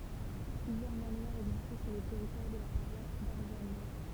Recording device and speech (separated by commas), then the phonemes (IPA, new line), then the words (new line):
temple vibration pickup, read sentence
plyzjœʁ manwaʁz ɛɡzistɛ syʁ lə tɛʁitwaʁ də la paʁwas daʁzano
Plusieurs manoirs existaient sur le territoire de la paroisse d'Arzano.